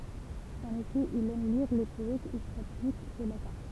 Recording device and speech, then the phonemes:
temple vibration pickup, read sentence
ɑ̃n efɛ il ɛm liʁ le pɔɛtz e saplik o latɛ̃

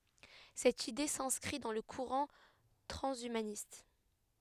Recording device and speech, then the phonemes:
headset microphone, read sentence
sɛt ide sɛ̃skʁi dɑ̃ lə kuʁɑ̃ tʁɑ̃ʃymanist

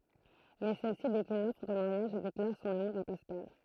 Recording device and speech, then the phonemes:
throat microphone, read sentence
mɛ sɛlsi deklin lɔfʁ də maʁjaʒ e deklaʁ sɔ̃n amuʁ a paskal

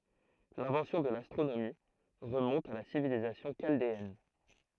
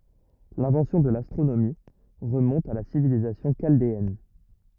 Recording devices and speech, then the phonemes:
throat microphone, rigid in-ear microphone, read sentence
lɛ̃vɑ̃sjɔ̃ də lastʁonomi ʁəmɔ̃t a la sivilizasjɔ̃ ʃaldeɛn

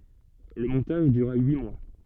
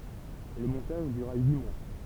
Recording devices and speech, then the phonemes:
soft in-ear microphone, temple vibration pickup, read sentence
lə mɔ̃taʒ dyʁa yi mwa

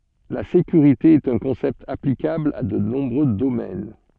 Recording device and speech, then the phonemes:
soft in-ear microphone, read sentence
la sekyʁite ɛt œ̃ kɔ̃sɛpt aplikabl a də nɔ̃bʁø domɛn

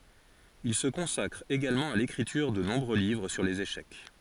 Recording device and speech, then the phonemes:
forehead accelerometer, read sentence
il sə kɔ̃sakʁ eɡalmɑ̃ a lekʁityʁ də nɔ̃bʁø livʁ syʁ lez eʃɛk

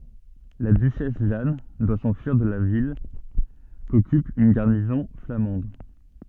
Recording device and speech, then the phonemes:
soft in-ear microphone, read sentence
la dyʃɛs ʒan dwa sɑ̃fyiʁ də la vil kɔkyp yn ɡaʁnizɔ̃ flamɑ̃d

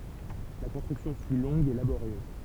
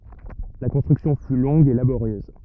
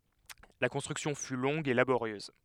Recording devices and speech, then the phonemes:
temple vibration pickup, rigid in-ear microphone, headset microphone, read sentence
la kɔ̃stʁyksjɔ̃ fy lɔ̃ɡ e laboʁjøz

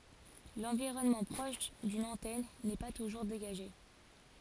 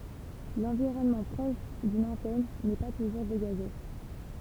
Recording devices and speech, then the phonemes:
forehead accelerometer, temple vibration pickup, read sentence
lɑ̃viʁɔnmɑ̃ pʁɔʃ dyn ɑ̃tɛn nɛ pa tuʒuʁ deɡaʒe

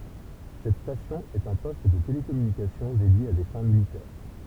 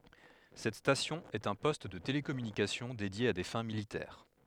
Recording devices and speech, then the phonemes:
temple vibration pickup, headset microphone, read sentence
sɛt stasjɔ̃ ɛt œ̃ pɔst də telekɔmynikasjɔ̃ dedje a de fɛ̃ militɛʁ

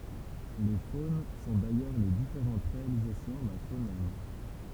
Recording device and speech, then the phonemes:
temple vibration pickup, read sentence
le fon sɔ̃ dajœʁ le difeʁɑ̃t ʁealizasjɔ̃ dœ̃ fonɛm

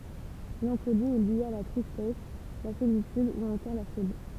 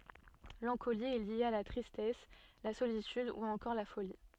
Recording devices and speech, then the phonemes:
temple vibration pickup, soft in-ear microphone, read sentence
lɑ̃koli ɛ lje a la tʁistɛs la solityd u ɑ̃kɔʁ la foli

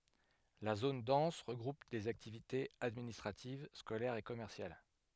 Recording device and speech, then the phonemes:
headset microphone, read sentence
la zon dɑ̃s ʁəɡʁup lez aktivitez administʁativ skolɛʁz e kɔmɛʁsjal

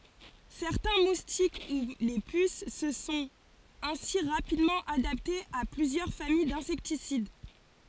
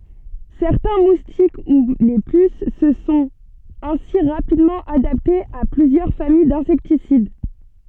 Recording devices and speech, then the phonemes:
forehead accelerometer, soft in-ear microphone, read sentence
sɛʁtɛ̃ mustik u le pys sə sɔ̃t ɛ̃si ʁapidmɑ̃ adaptez a plyzjœʁ famij dɛ̃sɛktisid

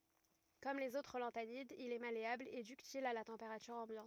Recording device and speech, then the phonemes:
rigid in-ear microphone, read sentence
kɔm lez otʁ lɑ̃tanidz il ɛ maleabl e dyktil a la tɑ̃peʁatyʁ ɑ̃bjɑ̃t

